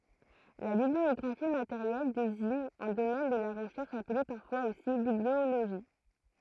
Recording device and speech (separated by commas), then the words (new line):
throat microphone, read sentence
La bibliographie matérielle désigne un domaine de la recherche appelé parfois aussi bibliologie.